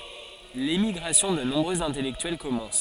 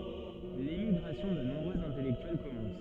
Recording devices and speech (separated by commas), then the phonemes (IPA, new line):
forehead accelerometer, soft in-ear microphone, read sentence
lemiɡʁasjɔ̃ də nɔ̃bʁøz ɛ̃tɛlɛktyɛl kɔmɑ̃s